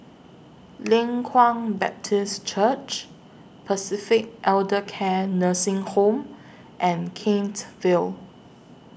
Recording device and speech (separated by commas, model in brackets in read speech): boundary microphone (BM630), read sentence